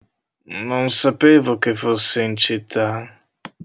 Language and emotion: Italian, disgusted